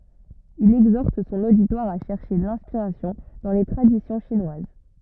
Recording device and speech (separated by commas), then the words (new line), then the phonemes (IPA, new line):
rigid in-ear microphone, read sentence
Il exhorte son auditoire à chercher l'inspiration dans les traditions chinoises.
il ɛɡzɔʁt sɔ̃n oditwaʁ a ʃɛʁʃe lɛ̃spiʁasjɔ̃ dɑ̃ le tʁadisjɔ̃ ʃinwaz